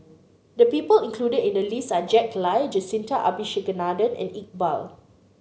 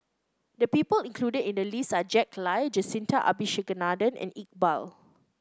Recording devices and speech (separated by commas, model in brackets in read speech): mobile phone (Samsung C9), close-talking microphone (WH30), read sentence